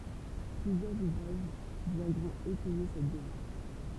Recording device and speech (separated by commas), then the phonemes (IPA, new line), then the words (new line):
temple vibration pickup, read sentence
plyzjœʁz uvʁaʒ vjɛ̃dʁɔ̃t etɛje sɛt demaʁʃ
Plusieurs ouvrages viendront étayer cette démarche.